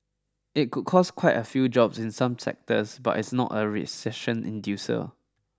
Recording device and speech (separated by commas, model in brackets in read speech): standing microphone (AKG C214), read sentence